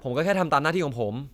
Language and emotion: Thai, frustrated